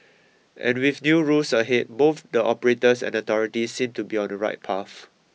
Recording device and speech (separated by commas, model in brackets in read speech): mobile phone (iPhone 6), read sentence